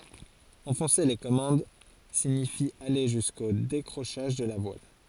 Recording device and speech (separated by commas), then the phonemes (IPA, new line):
forehead accelerometer, read sentence
ɑ̃fɔ̃se le kɔmɑ̃d siɲifi ale ʒysko dekʁoʃaʒ də la vwal